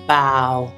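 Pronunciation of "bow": The word is 'bough', said with the ow sound.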